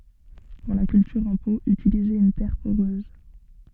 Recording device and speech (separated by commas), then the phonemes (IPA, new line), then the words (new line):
soft in-ear microphone, read sentence
puʁ la kyltyʁ ɑ̃ po ytilizez yn tɛʁ poʁøz
Pour la culture en pot, utilisez une terre poreuse.